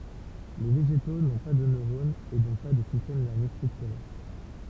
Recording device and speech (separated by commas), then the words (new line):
temple vibration pickup, read sentence
Les végétaux n’ont pas de neurones et donc pas de système nerveux structuré.